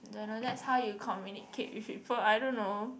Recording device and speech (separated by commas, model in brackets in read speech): boundary microphone, conversation in the same room